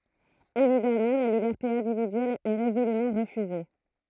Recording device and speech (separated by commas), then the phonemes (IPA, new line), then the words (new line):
throat microphone, read sentence
evidamɑ̃ la libɛʁte ɛ̃dividyɛl ɛ ʁezolymɑ̃ ʁəfyze
Évidemment, la liberté individuelle est résolument refusée.